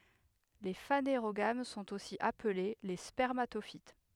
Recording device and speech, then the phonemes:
headset microphone, read sentence
le faneʁoɡam sɔ̃t osi aple le spɛʁmatofit

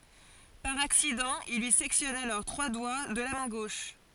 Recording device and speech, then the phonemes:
forehead accelerometer, read sentence
paʁ aksidɑ̃ il lyi sɛktjɔn alɔʁ tʁwa dwa də la mɛ̃ ɡoʃ

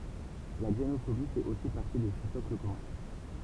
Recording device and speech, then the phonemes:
temple vibration pickup, read sentence
la ɡzenofobi fɛt osi paʁti də sə sɔkl kɔmœ̃

